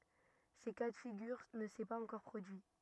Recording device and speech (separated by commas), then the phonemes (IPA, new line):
rigid in-ear microphone, read sentence
sə ka də fiɡyʁ nə sɛ paz ɑ̃kɔʁ pʁodyi